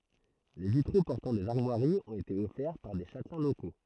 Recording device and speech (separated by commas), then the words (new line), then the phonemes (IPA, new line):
throat microphone, read sentence
Les vitraux portant des armoiries ont été offerts par des châtelains locaux.
le vitʁo pɔʁtɑ̃ dez aʁmwaʁiz ɔ̃t ete ɔfɛʁ paʁ de ʃatlɛ̃ loko